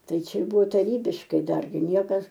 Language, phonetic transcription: Lithuanian, ˈtai ˈčia ˈbuvo taˈrybiškai ˈdargi ˈniekas

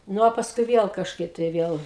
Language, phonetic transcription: Lithuanian, ˈnu o pasˈkui ˈviel kažˈkaip tai ˈviel

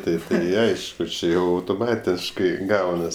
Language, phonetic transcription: Lithuanian, ˈtaip tai ˈaišku ˈči ˈjau autoˈmatiškai ˈgaunas

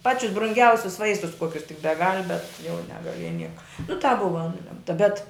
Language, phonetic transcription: Lithuanian, ˈpačius brunˈgiausius ˈvaistus ˈkuokius tik beˈgal' bet jau negaˈlieja ˈnieka nu tāp ˈbuva ˈnulemta bet

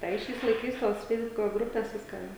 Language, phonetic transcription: Lithuanian, ˈtai ˈšiais laiˈkais tos ˈfeisbuko ˈgrupės ˈviska

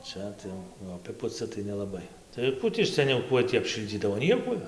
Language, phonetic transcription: Lithuanian, ˈčia ˈtai jau aˈpipuci tai nelaˈbai tai ˈkų tį seˈniau ˈkuoj tį apˈšildzydavo ˈniekuoj

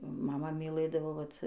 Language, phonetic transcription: Lithuanian, maˈma miˈlɘdavo ˈvat

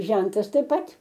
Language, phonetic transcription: Lithuanian, ˈžentas taip ˈpat

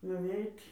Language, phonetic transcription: Lithuanian, nuˈveit'

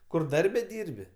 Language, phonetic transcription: Lithuanian, ˈkur ˈdarbe ˈdyrbi

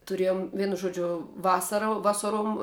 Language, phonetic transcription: Lithuanian, tuˈrėjom ˈvienu ˈžuodžiu ˈvasara ˈvasaruom

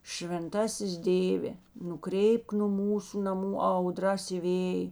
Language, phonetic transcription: Lithuanian, švenˈtasis ˈdėvė nuˈkreipk nu ˈmūsu naˈmų ˈauˌdras i ˈvėj

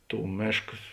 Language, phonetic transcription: Lithuanian, ˈtų ˈmėškas

